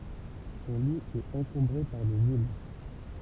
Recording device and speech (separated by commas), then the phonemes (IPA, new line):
temple vibration pickup, read sentence
sɔ̃ li ɛt ɑ̃kɔ̃bʁe paʁ dez il